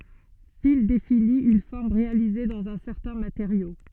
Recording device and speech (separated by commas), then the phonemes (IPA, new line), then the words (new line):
soft in-ear microphone, read sentence
fil defini yn fɔʁm ʁealize dɑ̃z œ̃ sɛʁtɛ̃ mateʁjo
Fil définit une forme réalisée dans un certain matériau.